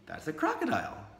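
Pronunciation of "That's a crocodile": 'That's a crocodile' is said as a delightful surprise, with a little tail hook at the end: the voice goes up and then tails off at the end.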